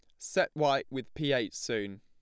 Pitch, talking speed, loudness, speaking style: 135 Hz, 200 wpm, -31 LUFS, plain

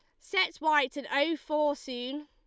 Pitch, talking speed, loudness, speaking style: 295 Hz, 175 wpm, -30 LUFS, Lombard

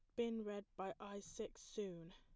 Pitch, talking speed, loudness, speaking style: 205 Hz, 190 wpm, -48 LUFS, plain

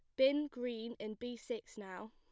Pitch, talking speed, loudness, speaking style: 240 Hz, 190 wpm, -40 LUFS, plain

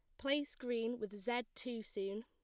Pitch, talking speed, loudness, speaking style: 240 Hz, 175 wpm, -41 LUFS, plain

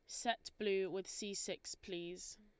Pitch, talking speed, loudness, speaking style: 195 Hz, 165 wpm, -43 LUFS, Lombard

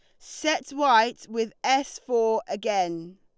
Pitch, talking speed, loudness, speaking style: 230 Hz, 120 wpm, -25 LUFS, Lombard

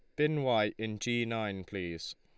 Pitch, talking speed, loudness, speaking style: 110 Hz, 185 wpm, -33 LUFS, Lombard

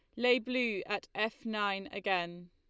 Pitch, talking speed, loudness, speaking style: 205 Hz, 155 wpm, -33 LUFS, Lombard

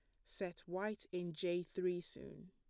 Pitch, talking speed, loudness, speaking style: 180 Hz, 160 wpm, -43 LUFS, plain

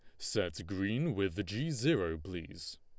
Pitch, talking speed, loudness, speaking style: 100 Hz, 140 wpm, -36 LUFS, Lombard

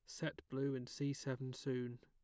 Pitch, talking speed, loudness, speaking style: 130 Hz, 200 wpm, -44 LUFS, plain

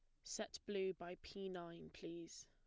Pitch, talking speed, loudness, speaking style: 175 Hz, 165 wpm, -49 LUFS, plain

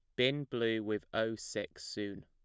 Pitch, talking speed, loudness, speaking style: 110 Hz, 175 wpm, -36 LUFS, plain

